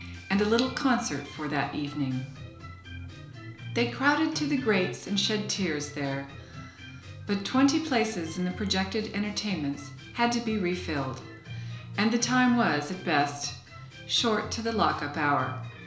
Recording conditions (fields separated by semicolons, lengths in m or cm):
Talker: one person; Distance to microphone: 1.0 m; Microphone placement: close; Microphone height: 1.1 m; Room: small (3.7 m by 2.7 m); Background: music